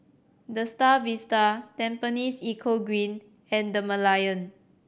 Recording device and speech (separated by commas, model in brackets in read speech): boundary microphone (BM630), read sentence